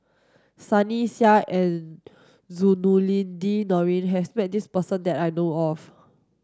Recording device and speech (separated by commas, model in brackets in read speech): standing microphone (AKG C214), read sentence